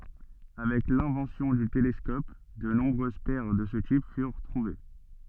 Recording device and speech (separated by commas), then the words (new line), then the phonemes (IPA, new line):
soft in-ear microphone, read sentence
Avec l'invention du télescope, de nombreuses paires de ce type furent trouvées.
avɛk lɛ̃vɑ̃sjɔ̃ dy telɛskɔp də nɔ̃bʁøz pɛʁ də sə tip fyʁ tʁuve